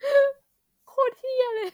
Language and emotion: Thai, sad